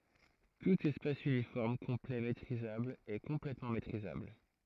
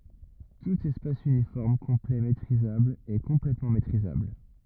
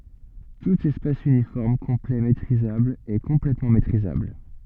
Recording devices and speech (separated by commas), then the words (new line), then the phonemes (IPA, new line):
throat microphone, rigid in-ear microphone, soft in-ear microphone, read sentence
Tout espace uniforme complet métrisable est complètement métrisable.
tut ɛspas ynifɔʁm kɔ̃plɛ metʁizabl ɛ kɔ̃plɛtmɑ̃ metʁizabl